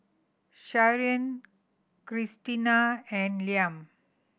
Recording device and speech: boundary microphone (BM630), read sentence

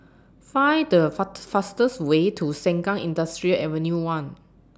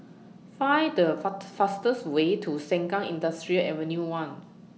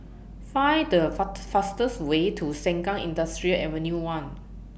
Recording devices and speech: standing microphone (AKG C214), mobile phone (iPhone 6), boundary microphone (BM630), read sentence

